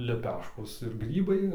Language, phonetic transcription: Lithuanian, leˈpeškos ir ˈgrybai

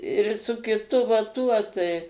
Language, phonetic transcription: Lithuanian, ir su kiˈtu va ˈtuo tai

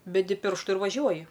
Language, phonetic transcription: Lithuanian, beˈdi ˈpirštu ir vaˈžiuoji

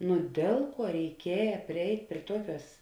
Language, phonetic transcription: Lithuanian, nu ˈdėl ˌkuo reiˈkieja priˈeit' prie ˈtuoˌkiuos

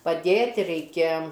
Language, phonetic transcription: Lithuanian, paˈdėt' reiˈkia

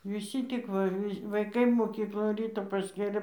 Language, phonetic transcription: Lithuanian, viˈsy ˈtik va ˈvi vaiˈkai moˈkyklon ˈryto pasˈkėlė

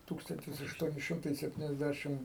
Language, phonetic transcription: Lithuanian, ˈtūkstantis ašˈtuoni ˈšimtai septiniasˈdæšim

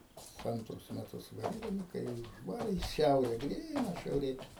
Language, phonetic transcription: Lithuanian, ˈantrus meˈtus ˈbaigim ˈkai jau užˈvari i ˈšiaure ˈgryna šiauˈrė

